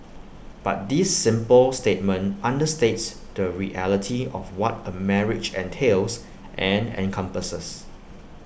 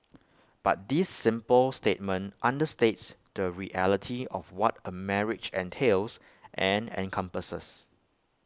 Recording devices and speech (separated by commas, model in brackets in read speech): boundary microphone (BM630), close-talking microphone (WH20), read sentence